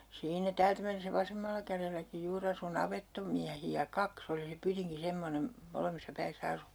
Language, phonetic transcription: Finnish, 'siinä "täältä mennesä 'vasemmalla kärelläki 'juur ‿asu 'navettomiähi₍ä "kaks ‿oli se 'pytiŋki 'semmonem , 'molemmissa 'päissä 'asunto (ja) .
- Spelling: siinä täältä mennessä vasemmalla kädelläkin juuri asui navettamiehiä kaksi oli se pytinki semmoinen molemmissa päissä asunto ja

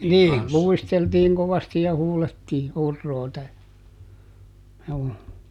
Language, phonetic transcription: Finnish, ˈnii , "luisteltiiŋ kovasti ja ˈhuulettii , ˈurroota , juu .
- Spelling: niin luisteltiin kovasti ja huudettiin huroota juu

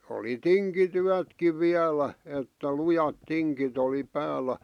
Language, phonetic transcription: Finnish, oli "tiŋki'tyätkiv 'viälä , että 'lujat "tiŋkit ‿oli "päällä .
- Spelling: oli tinkityötkin vielä että lujat tingit oli päällä

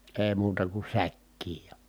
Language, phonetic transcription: Finnish, ee muuta ku säkkiij ja .
- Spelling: ei muuta kuin säkkiin ja

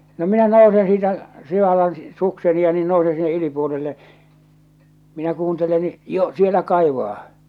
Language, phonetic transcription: Finnish, no 'minä 'nousen siitä , 'sivallan , 'sukseni ja niin 'nousen sinne 'ylipuolille , minä 'kuuntelen ni , 'jo , "sielä 'kaivaa .
- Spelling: no minä nousen siitä sivallan sukseni ja niin nousen sinne yläpuolille minä kuuntelen niin jo siellä kaivaa

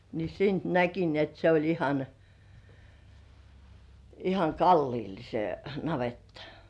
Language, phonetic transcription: Finnish, ni siint näki ni ‿et se oĺ ihan , ihaŋ "kalliil se 'navettᴀ .
- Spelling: niin siitä näki niin että se oli ihan ihan kalliolla se navetta

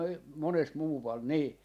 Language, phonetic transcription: Finnish, 'monest 'muuval "nii .
- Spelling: monesti muualla niin

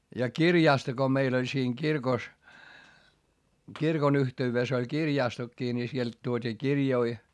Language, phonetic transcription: Finnish, ja kirjàsto ko meil ‿oĺ siiŋ kirkos , kirkon yhte₍yves ‿oĺ kirjàstokkii ni sielt tuot́ii kirjoi .
- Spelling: ja kirjasto kun meillä oli siinä kirkossa kirkon yhteydessä oli kirjastokin niin sieltä tuotiin kirjoja

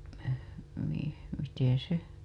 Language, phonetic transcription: Finnish, no , mi- , miteḛ se .
- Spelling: no - miten se

